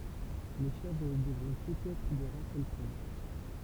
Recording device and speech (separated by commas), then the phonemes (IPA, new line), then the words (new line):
temple vibration pickup, read sentence
le ʃɛvʁ dəvʁɔ̃ tutz ɛtʁ də ʁas alpin
Les chèvres devront toutes être de race alpine.